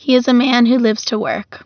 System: none